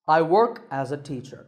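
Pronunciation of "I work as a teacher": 'I work as a teacher' is said with a falling tone: the voice goes down in pitch at the end.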